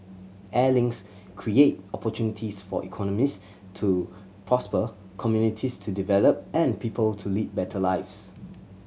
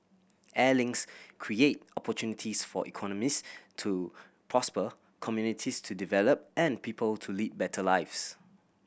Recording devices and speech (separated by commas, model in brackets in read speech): mobile phone (Samsung C7100), boundary microphone (BM630), read sentence